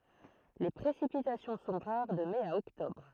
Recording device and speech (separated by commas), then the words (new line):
throat microphone, read sentence
Les précipitations sont rares de mai à octobre.